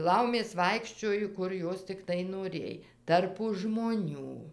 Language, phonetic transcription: Lithuanian, ˈlaumės ˈvaikščiojo ˈkur ˈjos tikˈtai noˈrėj ˈtarpu žmoˈnių

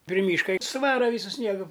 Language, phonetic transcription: Lithuanian, pri ˈmyška i suˈvara ˈvysu ˈsniegu

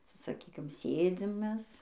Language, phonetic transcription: Lithuanian, sa saˈkykim ˈsėdzim ˈmes

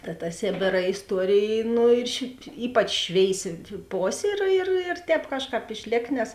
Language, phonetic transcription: Lithuanian, ta ta ˈsėbėra isˈtuorėj ˈnu ir š ˈypač ˈšvėisi ˈposė ir ir ir ˈtēp ˈkažˌkāp išˈlėk nes

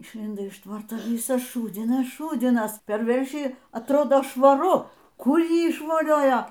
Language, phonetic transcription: Lithuanian, išˈlindo iš ˈtvarto ˈvisas ˈšūdzinas ˈšūdzinas per ˈveršį atˈrodo švaˈru ˈkur ˈjį išvoˈliojo

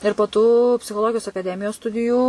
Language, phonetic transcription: Lithuanian, ir po ˈtų psichoˈlogijos akaˈdemijos ˈstudijų

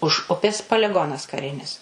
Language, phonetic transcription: Lithuanian, už ˈupės paliˈgonas kaˈrinis

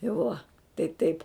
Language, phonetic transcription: Lithuanian, i ˈvuo tai ˈtaip

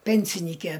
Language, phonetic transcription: Lithuanian, ˈpensinyke

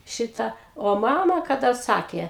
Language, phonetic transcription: Lithuanian, ˈšita o ˈmama kaˈda ˈsakė

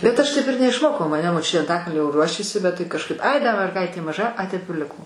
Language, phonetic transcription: Lithuanian, bet ˈaš ˈtaip ir neišˈmokau maˈne moˈčiutė anˈtakalnio ˈruošėsi bet ˈtai kažˈkaip ˈai da merˈgaitė maˈža ˈai ˈtaip ir ˈliko

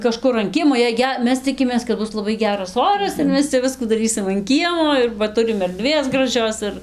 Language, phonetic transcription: Lithuanian, kaˈžkur an ˈkiemo jei ˈge ˈmes ˈcikimės kad ˈbus laˈbai ˈgeras ˈoras ir ˈmes cia ˈviskų daˈrysim an ˈkiemo ir va ˈturim erˈdvės graˈžios ir

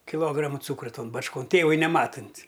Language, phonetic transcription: Lithuanian, kiˈlograma ˈcūkra ˈton bačˈkon ˈtėvui neˈmatunt'

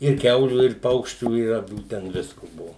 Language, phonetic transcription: Lithuanian, ir ˈkiaulių ir ˈpaukščių i aˈvių ˈten ˈvisku ˈbuvo

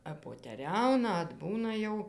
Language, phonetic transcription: Lithuanian, appoteˈriauna atˈbūna jau

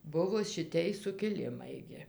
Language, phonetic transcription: Lithuanian, ˈbuvo šiˈtej sukiˈlimai gi

